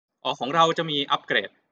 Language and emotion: Thai, neutral